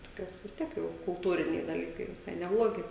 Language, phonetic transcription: Lithuanian, toˈkios vis ˈtiek jau kulˈtūriniai daˈlykai viˈsai neˈblogi

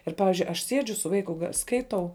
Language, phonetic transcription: Lithuanian, ˈir ˈpavizdžiui aš ˈsiedžiu su ˈvaiku ga ˈskaitau

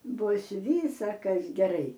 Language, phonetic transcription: Lithuanian, ˈbus ˈvysakas geˈrai

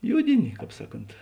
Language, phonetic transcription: Lithuanian, ˈjudini ˈkāp ˈsaˌkont

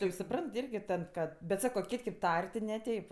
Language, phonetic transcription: Lithuanian, tai jau suˈprant ˈirgi ˈtad ˈkad bet ˈsako ˈkit' kė p ˈtar' ti neˈteip

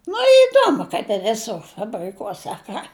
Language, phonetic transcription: Lithuanian, nu iˈduomu kaip i viˈsur fabriˈkuose a ˈką

